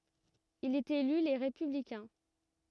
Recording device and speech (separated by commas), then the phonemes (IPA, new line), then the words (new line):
rigid in-ear microphone, read sentence
il ɛt ely le ʁepyblikɛ̃
Il est élu Les Républicains.